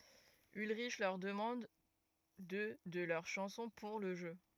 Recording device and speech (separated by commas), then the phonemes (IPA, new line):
rigid in-ear microphone, read sentence
ylʁiʃ lœʁ dəmɑ̃d dø də lœʁ ʃɑ̃sɔ̃ puʁ lə ʒø